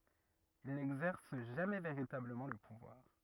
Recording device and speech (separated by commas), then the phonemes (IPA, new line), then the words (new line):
rigid in-ear microphone, read sentence
il nɛɡzɛʁs ʒamɛ veʁitabləmɑ̃ lə puvwaʁ
Il n'exerce jamais véritablement le pouvoir.